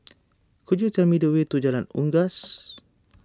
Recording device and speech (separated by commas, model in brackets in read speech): standing microphone (AKG C214), read sentence